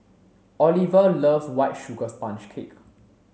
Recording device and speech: mobile phone (Samsung C7), read sentence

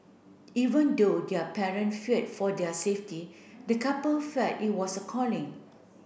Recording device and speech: boundary microphone (BM630), read sentence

